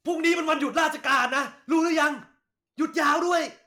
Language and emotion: Thai, angry